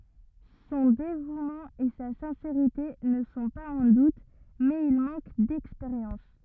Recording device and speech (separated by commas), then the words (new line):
rigid in-ear microphone, read sentence
Son dévouement et sa sincérité ne sont pas en doute, mais il manque d'expérience.